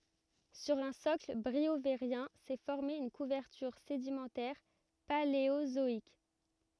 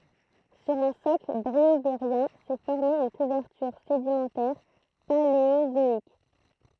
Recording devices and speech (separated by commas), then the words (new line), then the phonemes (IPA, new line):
rigid in-ear microphone, throat microphone, read sentence
Sur un socle briovérien s'est formée une couverture sédimentaire paléozoïque.
syʁ œ̃ sɔkl bʁioveʁjɛ̃ sɛ fɔʁme yn kuvɛʁtyʁ sedimɑ̃tɛʁ paleozɔik